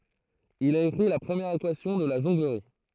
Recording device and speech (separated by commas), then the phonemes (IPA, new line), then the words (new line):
throat microphone, read sentence
il a ekʁi la pʁəmjɛʁ ekwasjɔ̃ də la ʒɔ̃ɡləʁi
Il a écrit la première équation de la jonglerie.